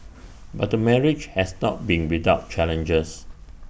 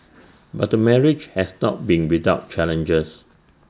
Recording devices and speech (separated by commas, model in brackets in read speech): boundary microphone (BM630), standing microphone (AKG C214), read sentence